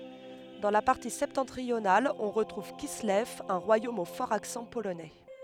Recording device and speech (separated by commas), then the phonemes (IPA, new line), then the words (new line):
headset microphone, read sentence
dɑ̃ la paʁti sɛptɑ̃tʁional ɔ̃ ʁətʁuv kislɛv œ̃ ʁwajom o fɔʁz aksɑ̃ polonɛ
Dans la partie septentrionale on retrouve Kislev, un royaume aux forts accents polonais.